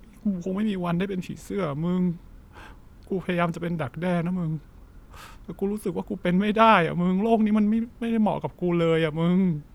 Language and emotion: Thai, sad